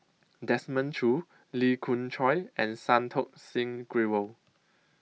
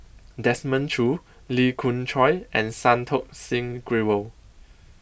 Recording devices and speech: mobile phone (iPhone 6), boundary microphone (BM630), read sentence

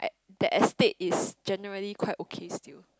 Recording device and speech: close-talking microphone, conversation in the same room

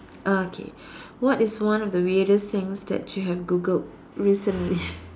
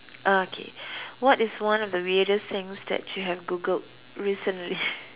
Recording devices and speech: standing microphone, telephone, conversation in separate rooms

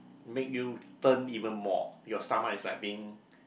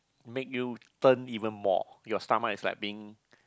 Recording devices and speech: boundary microphone, close-talking microphone, conversation in the same room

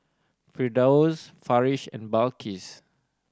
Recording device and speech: standing microphone (AKG C214), read sentence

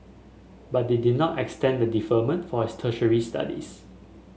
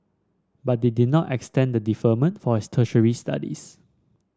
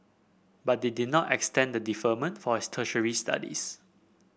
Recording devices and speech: mobile phone (Samsung S8), standing microphone (AKG C214), boundary microphone (BM630), read sentence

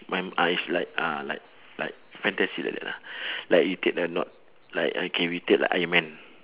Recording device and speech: telephone, conversation in separate rooms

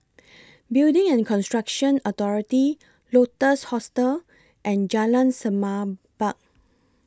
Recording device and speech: close-talking microphone (WH20), read sentence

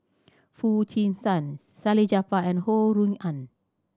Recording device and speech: standing microphone (AKG C214), read sentence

